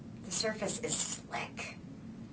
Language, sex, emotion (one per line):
English
female
neutral